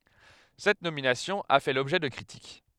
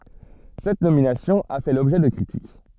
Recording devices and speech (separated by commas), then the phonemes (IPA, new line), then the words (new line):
headset microphone, soft in-ear microphone, read sentence
sɛt nominasjɔ̃ a fɛ lɔbʒɛ də kʁitik
Cette nomination a fait l'objet de critiques.